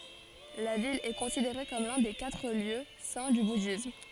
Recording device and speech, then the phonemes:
forehead accelerometer, read sentence
la vil ɛ kɔ̃sideʁe kɔm lœ̃ de katʁ ljø sɛ̃ dy budism

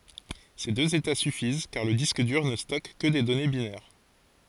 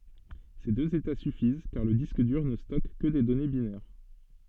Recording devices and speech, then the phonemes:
forehead accelerometer, soft in-ear microphone, read sentence
se døz eta syfiz kaʁ lə disk dyʁ nə stɔk kə de dɔne binɛʁ

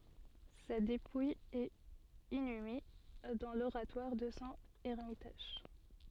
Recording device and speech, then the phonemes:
soft in-ear microphone, read sentence
sa depuj ɛt inyme dɑ̃ loʁatwaʁ də sɔ̃ ɛʁmitaʒ

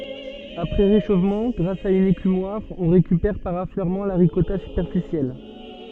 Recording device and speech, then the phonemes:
soft in-ear microphone, read sentence
apʁɛ ʁeʃofmɑ̃ ɡʁas a yn ekymwaʁ ɔ̃ ʁekypɛʁ paʁ afløʁmɑ̃ la ʁikɔta sypɛʁfisjɛl

